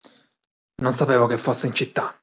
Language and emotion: Italian, angry